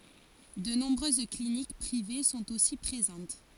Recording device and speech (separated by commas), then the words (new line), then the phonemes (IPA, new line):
forehead accelerometer, read sentence
De nombreuses cliniques privées sont aussi présentes.
də nɔ̃bʁøz klinik pʁive sɔ̃t osi pʁezɑ̃t